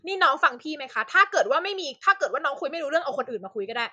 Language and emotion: Thai, angry